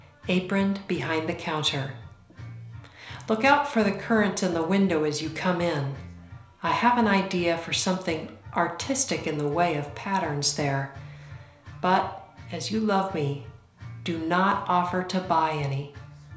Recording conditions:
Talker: one person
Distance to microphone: 1.0 m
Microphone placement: close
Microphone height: 1.1 m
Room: small (3.7 m by 2.7 m)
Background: music

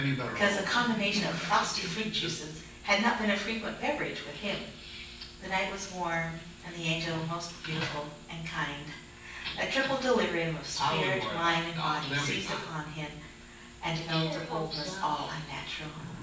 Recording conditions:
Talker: one person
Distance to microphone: 9.8 m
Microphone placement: far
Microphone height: 1.8 m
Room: large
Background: television

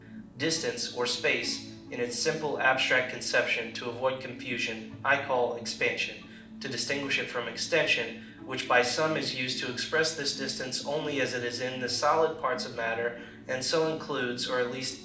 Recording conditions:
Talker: one person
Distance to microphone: 2.0 m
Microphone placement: close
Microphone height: 99 cm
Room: medium-sized (5.7 m by 4.0 m)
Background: music

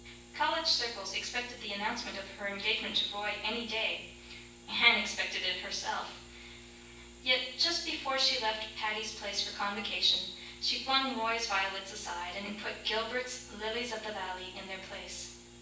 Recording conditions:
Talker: one person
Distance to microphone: 9.8 m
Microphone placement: far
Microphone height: 1.8 m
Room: large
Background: none

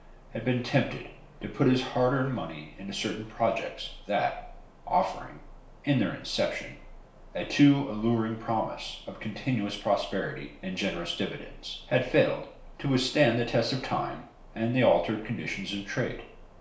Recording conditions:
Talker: one person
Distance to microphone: 1.0 m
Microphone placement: close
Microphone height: 1.1 m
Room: small (3.7 m by 2.7 m)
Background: none

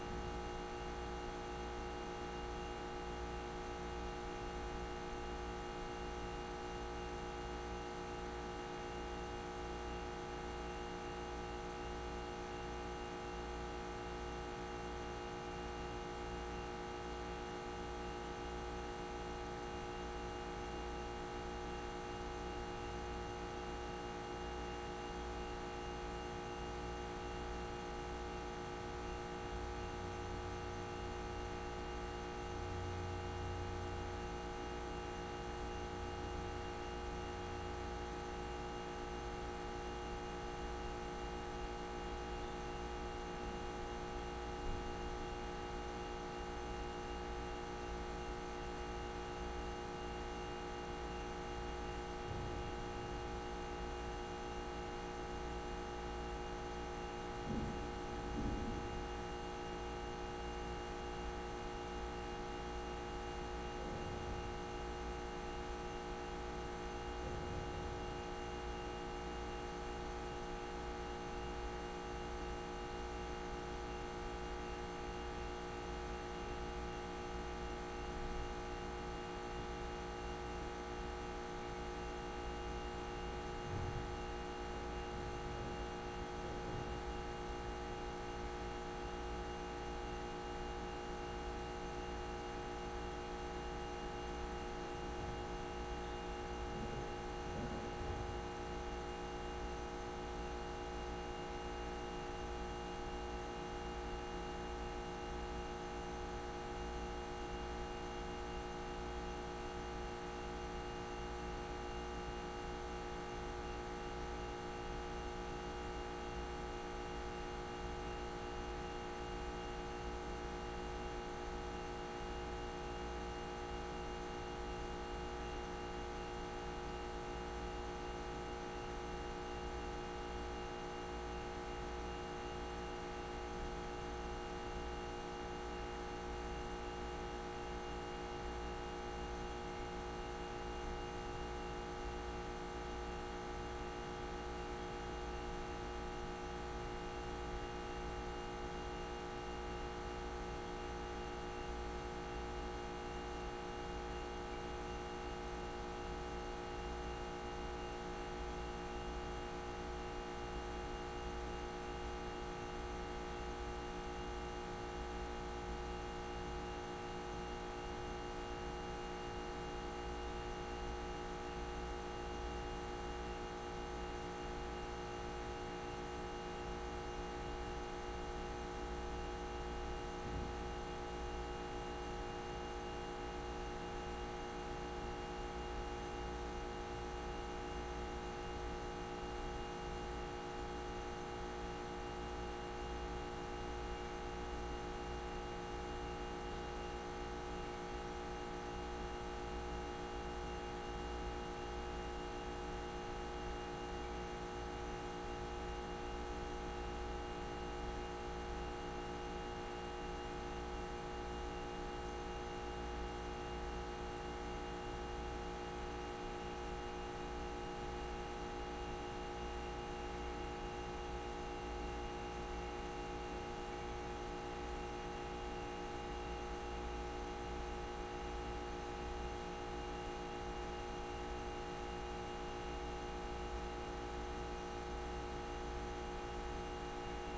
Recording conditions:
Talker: no one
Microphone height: 1.7 m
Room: very reverberant, large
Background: none

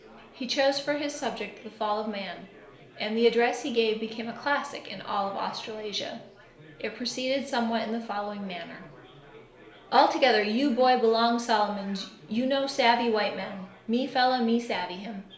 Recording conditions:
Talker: one person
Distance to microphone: 1.0 m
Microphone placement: close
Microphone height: 1.1 m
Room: small (3.7 m by 2.7 m)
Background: babble

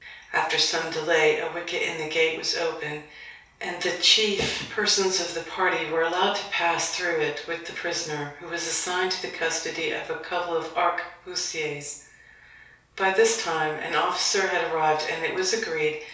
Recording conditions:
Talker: one person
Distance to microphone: 3.0 m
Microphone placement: far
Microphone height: 1.8 m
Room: small (3.7 m by 2.7 m)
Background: none

